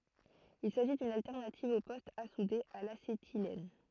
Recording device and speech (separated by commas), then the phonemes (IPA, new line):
throat microphone, read sentence
il saʒi dyn altɛʁnativ o pɔstz a sude a lasetilɛn